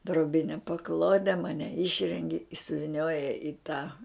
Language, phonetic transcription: Lithuanian, droˈbine paˈklode ˈmane ˈišrengi i suviˈnioja i tą

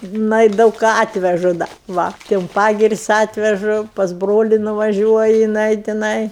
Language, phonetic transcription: Lithuanian, ˈnai daug ˈką ˈatvežu ˈda ˈva ti un ˈpagiris' ˈatvežu pas ˈbroli nuvaˈžiuoji jiˈnai tiˈnai

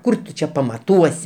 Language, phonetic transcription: Lithuanian, ˈkur tu ˈčia pamaˈtuosi

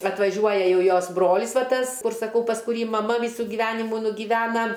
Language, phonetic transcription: Lithuanian, atvaˈžiuoja ˈjau ˈjos ˈbrolis ˈva ˈtas ˈkur saˈkau pas kuˈrį maˈma ˈvysu giˈvenimų nugiˈvena

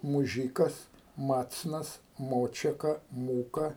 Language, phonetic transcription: Lithuanian, muˈžykas ˈmacnas ˈmočeka ˈmūka

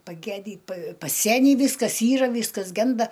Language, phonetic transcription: Lithuanian, paˈgedį pa paˈsenį ˈvyskas ˈyra ˈvyskas ˈgenda

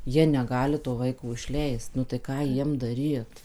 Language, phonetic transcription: Lithuanian, ˈjie neˈgali to ˈvaiko išˈleist nu tai ˈką ˈjiem daˈryt

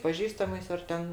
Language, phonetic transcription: Lithuanian, paˈžįstamais ar ˈten

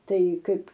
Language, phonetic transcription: Lithuanian, ˈtai ˈkaip

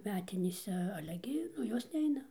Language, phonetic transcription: Lithuanian, ˈmetinėse ˈale gi ˈnu ˈjos ˈneina

